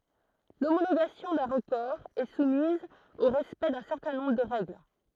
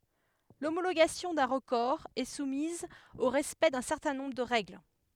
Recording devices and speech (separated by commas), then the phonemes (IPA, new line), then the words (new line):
throat microphone, headset microphone, read sentence
lomoloɡasjɔ̃ dœ̃ ʁəkɔʁ ɛ sumiz o ʁɛspɛkt dœ̃ sɛʁtɛ̃ nɔ̃bʁ də ʁɛɡl
L'homologation d'un record est soumise au respect d'un certain nombre de règles.